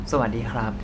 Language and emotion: Thai, neutral